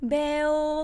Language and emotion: Thai, happy